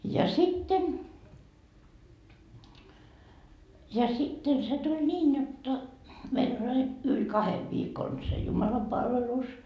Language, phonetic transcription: Finnish, ja 'sitten , ja sitten se t́ul 'niin jotta , meil ‿oĺ ai , yl "kahev viikon se 'jumalapalvelus .
- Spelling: ja sitten ja sitten se tuli niin jotta meillä oli aina yli kahden viikon se jumalanpalvelus

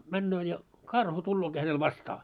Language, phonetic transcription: Finnish, 'männöö ja , "karhu tullooki hänel "vastaa .
- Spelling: menee ja karhu tuleekin hänellä vastaan

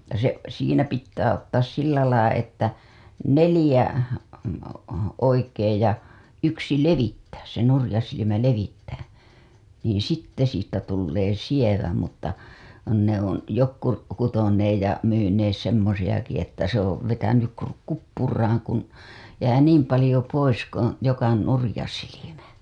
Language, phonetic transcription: Finnish, ja se , siinä pittää ottaas 'sillälai että , 'nelĭjä , oikeej ja , ja , yksi 'levittääs se nurĭja silimä 'levittää , niin 'sitte siittä tullee 'sievä mutta , ne ‿on , 'jokku , kutoneej ja , myynees semmosiʲaki että se ‿ov vetänyk ku- , 'kuppuraaŋ kun , jää "niim palĭjo 'pois koo̰ , joku 'nurĭja silimä .
- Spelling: ja se siinä pitää ottaa sillä lailla että neljä oikein ja ja yksi levittää se nurja silmä levittää niin sitten siitä tulee sievä mutta ne on jotkut kutoneet ja myyneet semmoisiakin että se on vetänyt - kuppuraan kun jää niin paljon pois kun joku nurja silmä

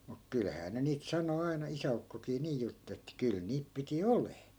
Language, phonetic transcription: Finnish, muk 'kylhää ne niit 'sano aina 'isä₍ukkokii 'nii jutt että 'kyl 'niip piti "olee .
- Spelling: mutta kyllähän ne niitä sanoi aina isäukkokin niin jutteli että kyllä niitä piti olemaan

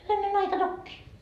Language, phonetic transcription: Finnish, hyväne'n ‿aika 'tokkii .
- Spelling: hyvänen aika tokiin

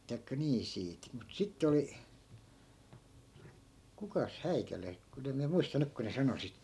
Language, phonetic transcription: Finnish, tai̮kka 'nii 'siit , mut 'sitte oli , 'kukas 'häikäle , 'kun ‿em miä 'muista 'nyk ku ne 'sano sit .
- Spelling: tai niin siitä mutta sitten oli kukas häikäle kun en minä muista nyt kun ne sanoi sitten

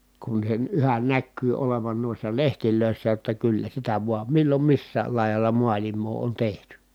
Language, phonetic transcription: Finnish, kun sen yhän näkkyy olevan nuissa lehtilö̀issä jotta kyllä sitä vuam millom missääl lài̮jalla mualim̆moo on tehty .
- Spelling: kun sen yhä näkyy olevan noissa lehdissä jotta kyllä sitä vain milloin missäkin laidalla maailmaa on tehty

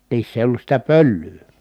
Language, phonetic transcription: Finnish, niiss ‿èi ollus sitä pöllyy .
- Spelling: niissä ei ollut sitä pölyä

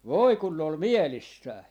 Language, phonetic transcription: Finnish, "voi kun 'ne ‿ol "mielissää .
- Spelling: voi kun ne oli mielissään

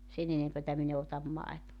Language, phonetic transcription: Finnish, 'sen ‿enempätä 'min ‿e otam "maetova .
- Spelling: sen enempää minä en ota maitoa

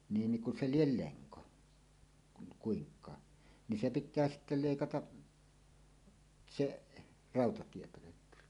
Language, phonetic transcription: Finnish, 'niin niŋ ku 'se "liel "leŋko , kun 'kuiŋk̀aa , ni "se 'pit̆tää sitte 'lèikataˀ , "seˀ , "ràotatiepölökky .
- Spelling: niin niin kun se lie lenko kun kuinkaan niin se pitää sitten leikata se rautatiepölkky

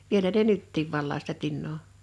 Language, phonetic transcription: Finnish, 'vielä ne "nyttiiv 'vallaa sitä 'tinnoo .
- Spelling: vielä ne nytkin valaa sitä tinaa

